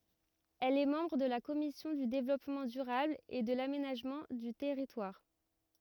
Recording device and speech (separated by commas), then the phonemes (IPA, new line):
rigid in-ear microphone, read sentence
ɛl ɛ mɑ̃bʁ də la kɔmisjɔ̃ dy devlɔpmɑ̃ dyʁabl e də lamenaʒmɑ̃ dy tɛʁitwaʁ